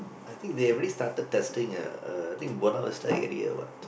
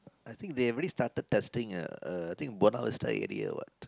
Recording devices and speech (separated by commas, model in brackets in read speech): boundary microphone, close-talking microphone, conversation in the same room